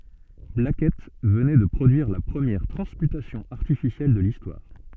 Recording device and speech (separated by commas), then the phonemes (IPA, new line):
soft in-ear microphone, read sentence
blakɛt vənɛ də pʁodyiʁ la pʁəmjɛʁ tʁɑ̃smytasjɔ̃ aʁtifisjɛl də listwaʁ